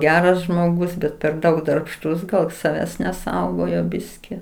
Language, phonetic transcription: Lithuanian, ˈgeras žmoˈgus ˈbet per ˈdaug darbˈštus ˈgal saˈvęs neˈsaugojo ˈbiski

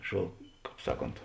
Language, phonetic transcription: Lithuanian, šo ˈkāp ˈsaˌkont

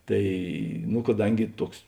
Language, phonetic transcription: Lithuanian, ˈtai nu kaˈdangi ˈtuoks

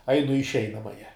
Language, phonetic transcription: Lithuanian, ˈainu i išˈeinamaja

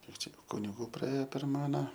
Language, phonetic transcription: Lithuanian, ˈkiek ˈčia kuniˈgų praˈėje per ˈmane

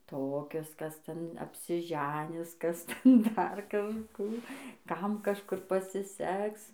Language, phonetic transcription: Lithuanian, ˈtokius kas ˈten apsiˈženis ˈkas ˈten dar kažˈkų ˈkam kažˈkur pasiˈseks

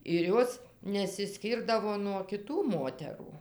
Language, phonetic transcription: Lithuanian, ir ˈjos nesiˈskyrdavo nuo kiˈtų ˈmoterų

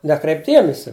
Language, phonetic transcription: Lithuanian, ˈnekreip' ˈdiemisi

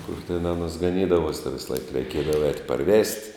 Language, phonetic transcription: Lithuanian, kur ten ˈanuos gaˈnydavuos ten visˈlaik reiˈkiedavo ēt' paˈrvest'

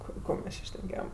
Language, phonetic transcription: Lithuanian, api ˈko mes ˈči šneˈkėjam

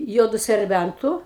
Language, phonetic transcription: Lithuanian, ˈjuodu serˈbæntu

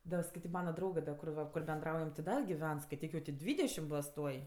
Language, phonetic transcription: Lithuanian, ˈda skaiˈtyk ˈmana ˈdraugɜ da kur ˈva kur benˈdraujam ti ˈda giˈven skaiˈtyk jau ti ˈdvydešim ˈbos ˈtuoj

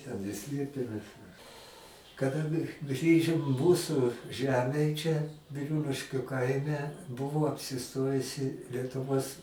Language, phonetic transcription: Lithuanian, ˈten ir ˈslėpėmes mes kaˈda gi ˈgrįžim ˈmūsu ˈžemėj ˈčia biˈrūliškiu ˈkaime ˈbuvo apsiˈstojusi lietuˈvos

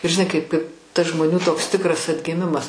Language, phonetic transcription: Lithuanian, ir žiˈnai kaip kaip tas žmoˈnių toks ˈtikras atgiˈmimas

